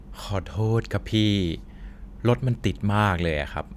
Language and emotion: Thai, neutral